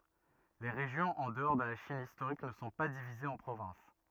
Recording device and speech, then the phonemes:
rigid in-ear microphone, read sentence
le ʁeʒjɔ̃z ɑ̃ dəɔʁ də la ʃin istoʁik nə sɔ̃ pa divizez ɑ̃ pʁovɛ̃s

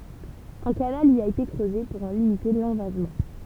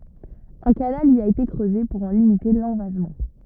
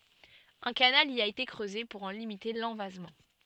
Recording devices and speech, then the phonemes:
temple vibration pickup, rigid in-ear microphone, soft in-ear microphone, read sentence
œ̃ kanal i a ete kʁøze puʁ ɑ̃ limite lɑ̃vazmɑ̃

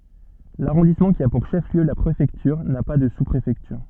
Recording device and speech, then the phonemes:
soft in-ear microphone, read sentence
laʁɔ̃dismɑ̃ ki a puʁ ʃəfliø la pʁefɛktyʁ na pa də suspʁefɛktyʁ

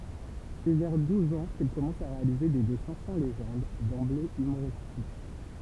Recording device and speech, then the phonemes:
temple vibration pickup, read sentence
sɛ vɛʁ duz ɑ̃ kil kɔmɑ̃s a ʁealize de dɛsɛ̃ sɑ̃ leʒɑ̃d dɑ̃ble ymoʁistik

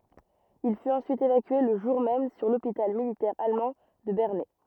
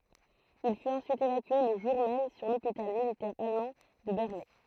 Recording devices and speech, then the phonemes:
rigid in-ear microphone, throat microphone, read sentence
il fyt ɑ̃syit evakye lə ʒuʁ mɛm syʁ lopital militɛʁ almɑ̃ də bɛʁnɛ

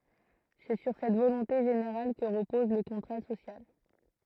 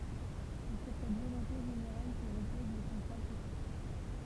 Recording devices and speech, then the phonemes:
throat microphone, temple vibration pickup, read sentence
sɛ syʁ sɛt volɔ̃te ʒeneʁal kə ʁəpɔz lə kɔ̃tʁa sosjal

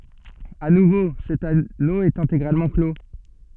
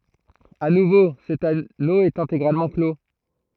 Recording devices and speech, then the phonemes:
soft in-ear microphone, throat microphone, read sentence
a nuvo sɛt ano ɛt ɛ̃teɡʁalmɑ̃ klo

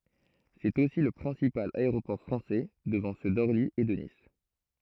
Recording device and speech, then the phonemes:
throat microphone, read sentence
sɛt osi lə pʁɛ̃sipal aeʁopɔʁ fʁɑ̃sɛ dəvɑ̃ sø dɔʁli e də nis

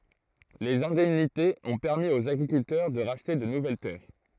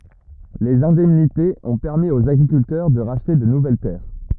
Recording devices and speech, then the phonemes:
throat microphone, rigid in-ear microphone, read sentence
lez ɛ̃dɛmnitez ɔ̃ pɛʁmi oz aɡʁikyltœʁ də ʁaʃte də nuvɛl tɛʁ

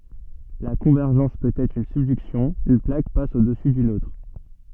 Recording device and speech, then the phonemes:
soft in-ear microphone, read sentence
la kɔ̃vɛʁʒɑ̃s pøt ɛtʁ yn sybdyksjɔ̃ yn plak pas odɛsu dyn otʁ

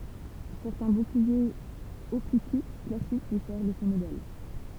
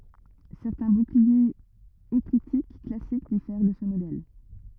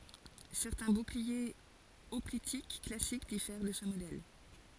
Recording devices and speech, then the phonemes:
temple vibration pickup, rigid in-ear microphone, forehead accelerometer, read sentence
sɛʁtɛ̃ buklie ɔplitik klasik difɛʁ də sə modɛl

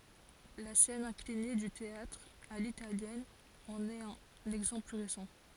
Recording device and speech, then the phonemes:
forehead accelerometer, read sentence
la sɛn ɛ̃kline dy teatʁ a litaljɛn ɑ̃n ɛt œ̃n ɛɡzɑ̃pl ply ʁesɑ̃

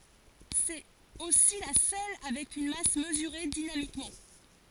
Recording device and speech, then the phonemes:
forehead accelerometer, read sentence
sɛt osi la sœl avɛk yn mas məzyʁe dinamikmɑ̃

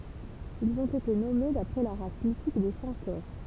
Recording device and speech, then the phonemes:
temple vibration pickup, read sentence
ilz ɔ̃t ete nɔme dapʁɛ la ʁas mitik de sɑ̃toʁ

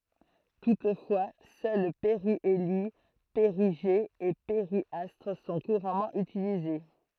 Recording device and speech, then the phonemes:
throat microphone, read sentence
tutfwa sœl peʁjeli peʁiʒe e peʁjastʁ sɔ̃ kuʁamɑ̃ ytilize

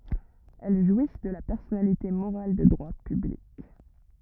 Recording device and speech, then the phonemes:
rigid in-ear microphone, read sentence
ɛl ʒwis də la pɛʁsɔnalite moʁal də dʁwa pyblik

